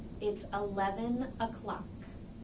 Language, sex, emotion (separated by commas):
English, female, neutral